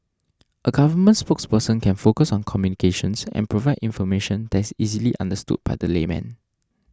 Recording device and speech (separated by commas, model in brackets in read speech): standing microphone (AKG C214), read sentence